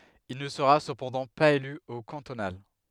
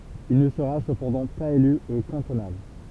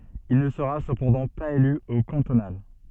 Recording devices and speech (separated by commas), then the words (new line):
headset microphone, temple vibration pickup, soft in-ear microphone, read sentence
Il ne sera cependant pas élu aux cantonales.